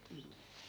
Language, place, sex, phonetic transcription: Finnish, Askola, female, m̥ .
- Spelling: mm

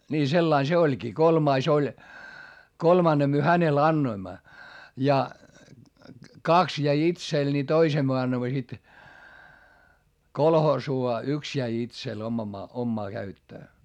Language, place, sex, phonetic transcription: Finnish, Hietamäki, male, nii sellain se oĺkii - kolmais ‿oĺ , kolmanne myö hänel annoimma , ja , kaks jäi itsel ni toisem myö annoⁱmma sit , kolhoosuu - a yks jäi itsel oma- , ommaa käyttöö .
- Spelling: niin sillä lailla se olikin kolmas oli kolmannen me hänelle annoimme ja kaksi jäi itselle niin toisen me annoimme sitten kolhoosiin ja yksi jäi itselle - omaan käyttöön

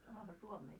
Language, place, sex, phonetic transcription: Finnish, Moloskovitsa, female, sanoha suomeeks .
- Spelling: sanohan suomeksi

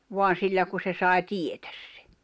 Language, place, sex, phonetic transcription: Finnish, Jämsä, female, 'voan̬ 'sillä ku se sài̬ "tietᴀ̈s sᴇ .
- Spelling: vaan sillä kun se sai tietää sen

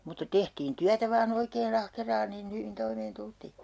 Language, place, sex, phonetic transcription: Finnish, Urjala, female, mutta tehtiin 'tyätä 'vaa'n ‿oikee"n ‿ahkeraan niin 'hyvin 'toimeen 'tultii .
- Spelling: mutta tehtiin työtä vain oikein ahkeraan niin hyvin toimeen tultiin

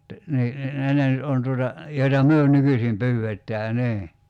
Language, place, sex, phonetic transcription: Finnish, Kerimäki, male, (että) 'nii , ni 'ne ne nyt 'on tuota , 'joita "myö 'nykysim 'pyy₍ettää 'nii .
- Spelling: että niin niin ne ne nyt on tuota joita me nykyisin pyydetään niin

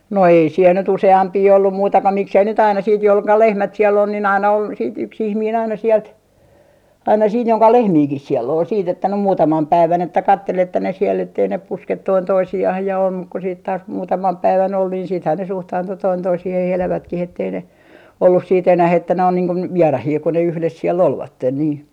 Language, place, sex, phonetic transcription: Finnish, Artjärvi, female, 'no "ei siel nyt 'use₍ampii 'ollum muita ko 'miksei nyt ‿aina siit jol - ka - "lehmät siell ‿on nin 'aina on , siit 'yks 'ihmiin aina 'siɛlt , aina 'siin joŋka "lehmiikih siel'l ‿ol siit ‿että nym "muutamam 'päivän että 'kattel että ne siel ettei ne "pusket 'toin 'toisi₍ah ja om muk ku siit taas 'muutamam 'päivän ol niin siithän ne "suhtaantu 'toin 'toisihih 'elävätkih ‿ettei ne , ollus siit 'enäh ‿että ne on niiŋ kun , "vierahii kun ne 'yhles 'siel "olvatten nii .
- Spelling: no ei siellä nyt useampia ollut muita kuin miksi ei nyt aina sitten - - lehmät siellä on niin aina on sitten yksi ihminen aina sieltä aina siinä jonka lehmiäkin siellä oli sitten että nyt muutaman päivän että katseli että ne siellä että ei ne puske toinen toisiaan ja on mutta kun sitten taas muutaman päivän oli niin sittenhän ne suhtaantui toinen toisiinsa elävätkin että ei ne ollut sitten enää että ne on niin kuin vieraita kun ne yhdessä siellä olivat niin

